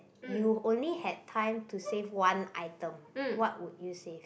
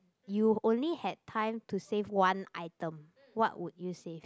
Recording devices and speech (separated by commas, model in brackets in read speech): boundary microphone, close-talking microphone, conversation in the same room